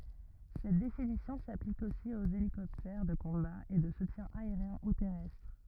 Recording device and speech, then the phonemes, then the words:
rigid in-ear microphone, read sentence
sɛt definisjɔ̃ saplik osi oz elikɔptɛʁ də kɔ̃ba e də sutjɛ̃ aeʁjɛ̃ u tɛʁɛstʁ
Cette définition s'applique aussi aux hélicoptères de combat et de soutien aérien ou terrestre.

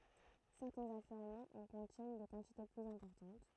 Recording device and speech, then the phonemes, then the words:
throat microphone, read sentence
sɛʁtɛ̃z afløʁmɑ̃z ɑ̃ kɔ̃tjɛn de kɑ̃tite plyz ɛ̃pɔʁtɑ̃t
Certains affleurements en contiennent des quantités plus importantes.

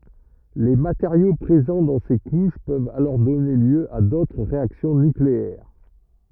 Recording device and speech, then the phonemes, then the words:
rigid in-ear microphone, read sentence
le mateʁjo pʁezɑ̃ dɑ̃ se kuʃ pøvt alɔʁ dɔne ljø a dotʁ ʁeaksjɔ̃ nykleɛʁ
Les matériaux présents dans ces couches peuvent alors donner lieu à d'autres réactions nucléaires.

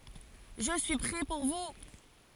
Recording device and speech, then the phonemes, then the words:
forehead accelerometer, read sentence
ʒə syi pʁɛ puʁ vu
Je suis prêt pour vous.

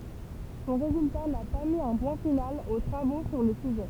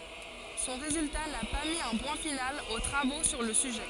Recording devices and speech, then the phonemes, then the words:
temple vibration pickup, forehead accelerometer, read sentence
sɔ̃ ʁezylta na pa mi œ̃ pwɛ̃ final o tʁavo syʁ lə syʒɛ
Son résultat n'a pas mis un point final aux travaux sur le sujet.

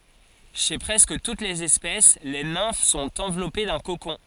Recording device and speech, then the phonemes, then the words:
forehead accelerometer, read sentence
ʃe pʁɛskə tut lez ɛspɛs le nɛ̃f sɔ̃t ɑ̃vlɔpe dœ̃ kokɔ̃
Chez presque toutes les espèces, les nymphes sont enveloppées d’un cocon.

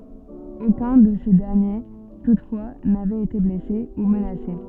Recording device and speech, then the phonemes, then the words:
soft in-ear microphone, read sentence
okœ̃ də se dɛʁnje tutfwa navɛt ete blɛse u mənase
Aucun de ces derniers toutefois n'avait été blessé ou menacé.

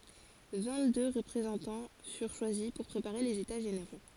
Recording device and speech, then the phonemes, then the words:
forehead accelerometer, read sentence
vɛ̃ɡtdø ʁəpʁezɑ̃tɑ̃ fyʁ ʃwazi puʁ pʁepaʁe lez eta ʒeneʁo
Vingt-deux représentants furent choisis pour préparer les États généraux.

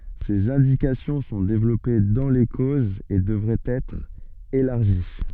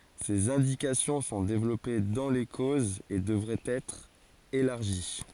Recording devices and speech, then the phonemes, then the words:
soft in-ear microphone, forehead accelerometer, read sentence
sez ɛ̃dikasjɔ̃ sɔ̃ devlɔpe dɑ̃ le kozz e dəvʁɛt ɛtʁ elaʁʒi
Ses indications sont développées dans les causes et devraient être élargies.

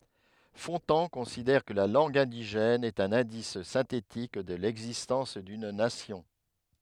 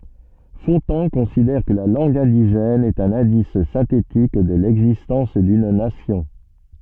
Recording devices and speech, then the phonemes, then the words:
headset microphone, soft in-ear microphone, read sentence
fɔ̃tɑ̃ kɔ̃sidɛʁ kə la lɑ̃ɡ ɛ̃diʒɛn ɛt œ̃n ɛ̃dis sɛ̃tetik də lɛɡzistɑ̃s dyn nasjɔ̃
Fontan considère que la langue indigène est un indice synthétique de l'existence d'une nation.

